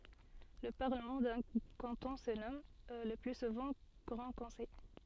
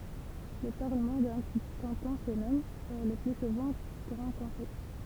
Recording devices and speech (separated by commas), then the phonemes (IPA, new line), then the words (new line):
soft in-ear microphone, temple vibration pickup, read sentence
lə paʁləmɑ̃ dœ̃ kɑ̃tɔ̃ sə nɔm lə ply suvɑ̃ ɡʁɑ̃ kɔ̃sɛj
Le Parlement d'un canton se nomme, le plus souvent, Grand Conseil.